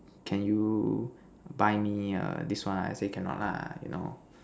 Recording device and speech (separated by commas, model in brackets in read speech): standing microphone, conversation in separate rooms